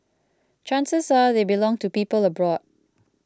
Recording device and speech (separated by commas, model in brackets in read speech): close-talking microphone (WH20), read sentence